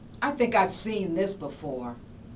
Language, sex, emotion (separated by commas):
English, female, disgusted